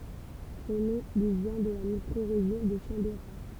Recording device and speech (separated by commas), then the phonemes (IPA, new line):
temple vibration pickup, read sentence
sɔ̃ nɔ̃ lyi vjɛ̃ də la mikʁoʁeʒjɔ̃ də ʃɑ̃beʁa